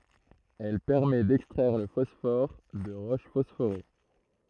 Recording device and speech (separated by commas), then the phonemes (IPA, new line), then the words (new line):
throat microphone, read sentence
ɛl pɛʁmɛ dɛkstʁɛʁ lə fɔsfɔʁ də ʁoʃ fɔsfoʁe
Elle permet d’extraire le phosphore de roches phosphorées.